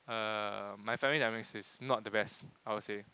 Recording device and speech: close-talking microphone, conversation in the same room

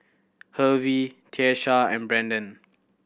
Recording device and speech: boundary microphone (BM630), read sentence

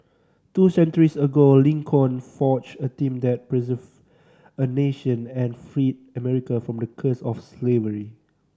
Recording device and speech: standing microphone (AKG C214), read sentence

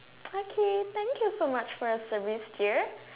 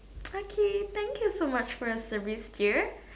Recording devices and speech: telephone, standing microphone, conversation in separate rooms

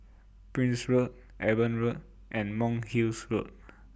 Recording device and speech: boundary microphone (BM630), read sentence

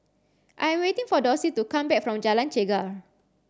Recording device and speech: standing microphone (AKG C214), read sentence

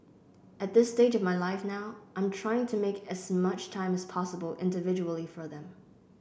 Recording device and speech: boundary microphone (BM630), read sentence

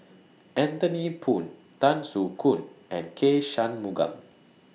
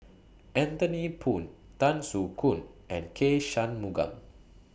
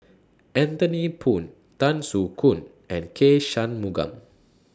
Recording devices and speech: mobile phone (iPhone 6), boundary microphone (BM630), standing microphone (AKG C214), read sentence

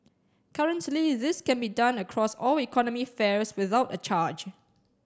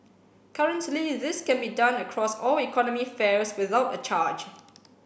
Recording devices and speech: standing microphone (AKG C214), boundary microphone (BM630), read sentence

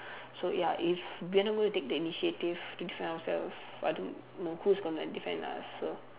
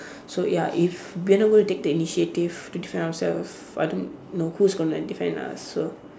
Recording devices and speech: telephone, standing microphone, conversation in separate rooms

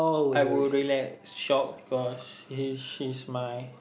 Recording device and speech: boundary microphone, conversation in the same room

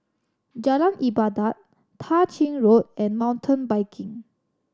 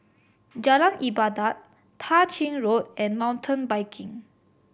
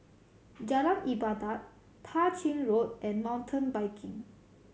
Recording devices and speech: standing microphone (AKG C214), boundary microphone (BM630), mobile phone (Samsung C7100), read sentence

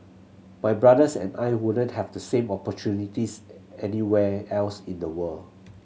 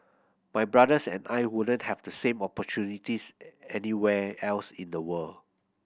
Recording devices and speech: mobile phone (Samsung C7100), boundary microphone (BM630), read sentence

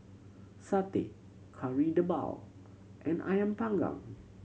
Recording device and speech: mobile phone (Samsung C7100), read sentence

